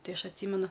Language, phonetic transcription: Lithuanian, ˈtai ˈaš atˈsymenu

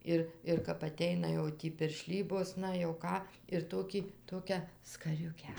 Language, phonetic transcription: Lithuanian, ˈir ir kap aˈteina jau ˈtį pirˈšlybos ˈna jau ˈką ir ˈtokį ˈtokią skaˈriukę

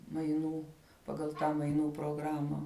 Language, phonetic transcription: Lithuanian, maiˈnų paˈgal ˈtą maiˈnų proˈgrama

